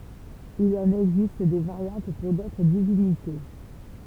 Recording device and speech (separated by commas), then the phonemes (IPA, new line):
temple vibration pickup, read sentence
il ɑ̃n ɛɡzist de vaʁjɑ̃t puʁ dotʁ divinite